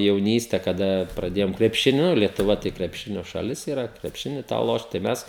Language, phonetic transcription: Lithuanian, jauˈnyste kaˈda praˈdėjome krepšiˈniu lietuˈva tai krepˈšinio šaˈlis yˈra krepˈšini tą ˈlošt tai ˈmes

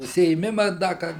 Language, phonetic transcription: Lithuanian, užsiėˈmima ˈda kad

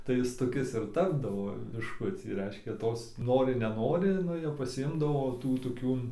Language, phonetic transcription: Lithuanian, tai ˈis toˈkis ir ˈtapdavo bišˈkucį ˈreiškia ˈtos ˈnori neˈnori ˈnu jau pasiˈimdavo ˈtų toˈkių

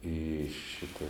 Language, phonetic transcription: Lithuanian, į ˈšita

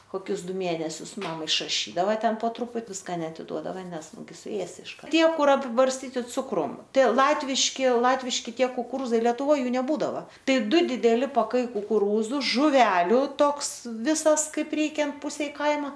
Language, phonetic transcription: Lithuanian, koˈkius ˈdu ˈmėnesius ˈmam išraˈšydava ˈten po ˈtruput ˈviska neatiˈduodava ˈnes ˈnugi suˈėsi išˈkar ˈtie ˈkur apibarsˈtyti ˈcukrum ˈtai ˈlatviški ˈlatviški ˈtie kukuˈrūzai leˈtuvoj ˈjų neˈbūdava ˈtai ˈdu dideˈli paˈkai kukuˈrūzu žuˈveliu ˈtoks ˈvisas ˈkaip ˈreikiant ˈpusei ˈkaima

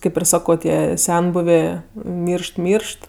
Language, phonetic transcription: Lithuanian, ˈkaip ir ˈsako ˈtie ˈsenbuvė ˈmyršt ˈmyršt

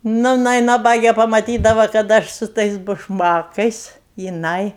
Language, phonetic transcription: Lithuanian, ˈnu jiˈnai naˈbagė pamaˈtydava kad ˈaš su ˈtais bušˈmakais jiˈnai

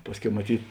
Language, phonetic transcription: Lithuanian, ˈpasˌkiau maˈtyt

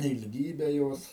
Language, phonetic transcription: Lithuanian, ilˈgybe ˈjos

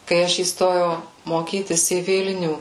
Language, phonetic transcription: Lithuanian, kai ˈaš įsˈtojau moˈkytis į ˈvilnių

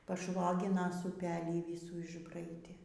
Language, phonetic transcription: Lithuanian, paˈšvoginas uˈpelį ˈvisų išˈbraidė

